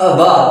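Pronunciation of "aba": A schwa sound is heard, and it is said very short.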